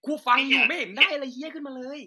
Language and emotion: Thai, angry